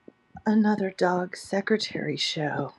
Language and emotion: English, sad